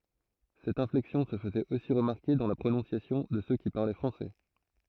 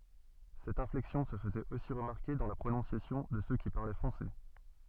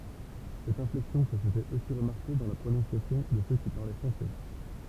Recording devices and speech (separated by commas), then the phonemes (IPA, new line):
throat microphone, soft in-ear microphone, temple vibration pickup, read sentence
sɛt ɛ̃flɛksjɔ̃ sə fəzɛt osi ʁəmaʁke dɑ̃ la pʁonɔ̃sjasjɔ̃ də sø ki paʁlɛ fʁɑ̃sɛ